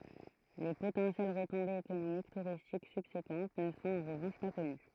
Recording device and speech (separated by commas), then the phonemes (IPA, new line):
throat microphone, read sentence
le potɑ̃sjɛl ʁətɔ̃bez ekonomik tuʁistik sybsekɑ̃t nə sɔ̃t ɑ̃ ʁəvɑ̃ʃ pa kɔny